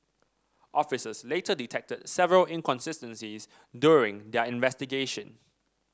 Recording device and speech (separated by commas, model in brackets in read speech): standing microphone (AKG C214), read sentence